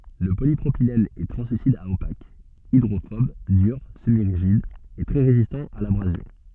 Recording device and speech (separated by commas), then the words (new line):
soft in-ear microphone, read sentence
Le polypropylène est translucide à opaque, hydrophobe, dur, semi-rigide et très résistant à l'abrasion.